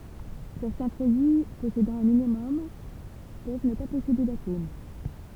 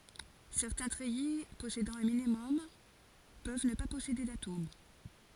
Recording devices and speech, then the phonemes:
temple vibration pickup, forehead accelerometer, read sentence
sɛʁtɛ̃ tʁɛji pɔsedɑ̃ œ̃ minimɔm pøv nə pa pɔsede datom

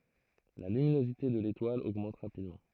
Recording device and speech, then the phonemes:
throat microphone, read sentence
la lyminozite də letwal oɡmɑ̃t ʁapidmɑ̃

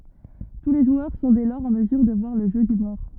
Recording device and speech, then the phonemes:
rigid in-ear microphone, read sentence
tu le ʒwœʁ sɔ̃ dɛ lɔʁz ɑ̃ məzyʁ də vwaʁ lə ʒø dy mɔʁ

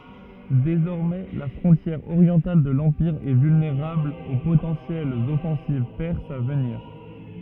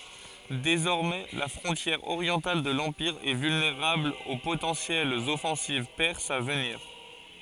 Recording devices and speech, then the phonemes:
rigid in-ear microphone, forehead accelerometer, read sentence
dezɔʁmɛ la fʁɔ̃tjɛʁ oʁjɑ̃tal də lɑ̃piʁ ɛ vylneʁabl o potɑ̃sjɛlz ɔfɑ̃siv pɛʁsz a vəniʁ

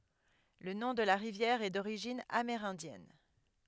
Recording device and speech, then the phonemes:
headset microphone, read sentence
lə nɔ̃ də la ʁivjɛʁ ɛ doʁiʒin ameʁɛ̃djɛn

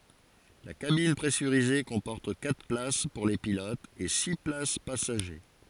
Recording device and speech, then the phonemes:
forehead accelerometer, read sentence
la kabin pʁɛsyʁize kɔ̃pɔʁt katʁ plas puʁ le pilotz e si plas pasaʒe

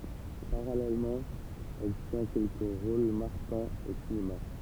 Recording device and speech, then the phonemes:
temple vibration pickup, read sentence
paʁalɛlmɑ̃ ɛl tjɛ̃ kɛlkə ʁol maʁkɑ̃z o sinema

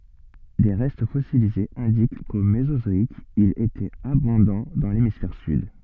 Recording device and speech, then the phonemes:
soft in-ear microphone, read sentence
de ʁɛst fɔsilizez ɛ̃dik ko mezozɔik il etɛt abɔ̃dɑ̃ dɑ̃ lemisfɛʁ syd

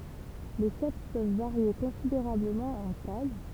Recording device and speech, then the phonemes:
temple vibration pickup, read sentence
le sɛp pøv vaʁje kɔ̃sideʁabləmɑ̃ ɑ̃ taj

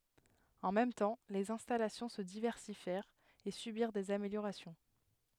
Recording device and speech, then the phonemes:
headset microphone, read sentence
ɑ̃ mɛm tɑ̃ lez ɛ̃stalasjɔ̃ sə divɛʁsifjɛʁt e sybiʁ dez ameljoʁasjɔ̃

